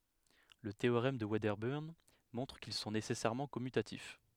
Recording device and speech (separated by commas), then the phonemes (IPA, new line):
headset microphone, read sentence
lə teoʁɛm də vɛdəbəʁn mɔ̃tʁ kil sɔ̃ nesɛsɛʁmɑ̃ kɔmytatif